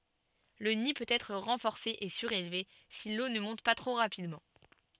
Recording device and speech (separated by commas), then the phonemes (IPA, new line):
soft in-ear microphone, read sentence
lə ni pøt ɛtʁ ʁɑ̃fɔʁse e syʁelve si lo nə mɔ̃t pa tʁo ʁapidmɑ̃